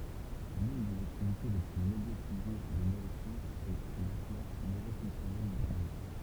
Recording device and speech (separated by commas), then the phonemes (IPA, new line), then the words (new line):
temple vibration pickup, read sentence
lyn dez aktivite le ply medjatize de nøʁosjɑ̃sz ɛ latla nøʁo fɔ̃ksjɔnɛl dy sɛʁvo
L'une des activités les plus médiatisées des neurosciences est l'atlas neuro-fonctionnel du cerveau.